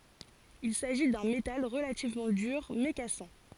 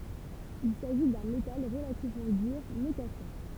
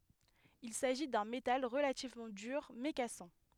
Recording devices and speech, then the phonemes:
forehead accelerometer, temple vibration pickup, headset microphone, read sentence
il saʒi dœ̃ metal ʁəlativmɑ̃ dyʁ mɛ kasɑ̃

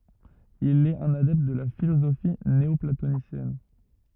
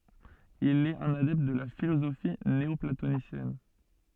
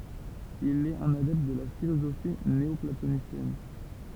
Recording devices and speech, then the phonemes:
rigid in-ear microphone, soft in-ear microphone, temple vibration pickup, read sentence
il ɛt œ̃n adɛpt də la filozofi neɔplatonisjɛn

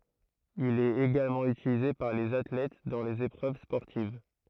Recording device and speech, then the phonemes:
throat microphone, read sentence
il ɛt eɡalmɑ̃ ytilize paʁ lez atlɛt dɑ̃ lez epʁøv spɔʁtiv

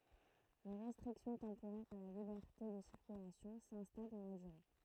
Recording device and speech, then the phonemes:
throat microphone, read sentence
le ʁɛstʁiksjɔ̃ tɑ̃poʁɛʁz a la libɛʁte də siʁkylasjɔ̃ sɛ̃stal dɑ̃ la dyʁe

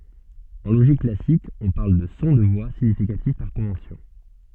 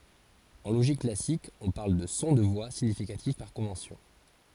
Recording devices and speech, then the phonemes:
soft in-ear microphone, forehead accelerometer, read sentence
ɑ̃ loʒik klasik ɔ̃ paʁl də sɔ̃ də vwa siɲifikatif paʁ kɔ̃vɑ̃sjɔ̃

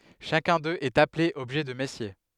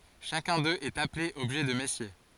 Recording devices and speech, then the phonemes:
headset microphone, forehead accelerometer, read sentence
ʃakœ̃ døz ɛt aple ɔbʒɛ də mɛsje

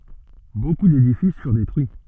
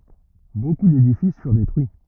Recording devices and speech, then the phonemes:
soft in-ear microphone, rigid in-ear microphone, read sentence
boku dedifis fyʁ detʁyi

